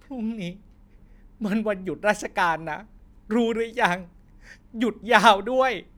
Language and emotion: Thai, sad